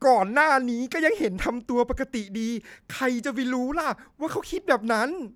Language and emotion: Thai, happy